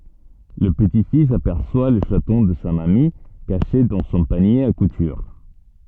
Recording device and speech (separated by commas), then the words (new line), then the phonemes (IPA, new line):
soft in-ear microphone, read sentence
Le petit-fils aperçoit le chaton de sa mamie, caché dans son panier à couture.
lə pəti fis apɛʁswa lə ʃatɔ̃ də sa mami kaʃe dɑ̃ sɔ̃ panje a kutyʁ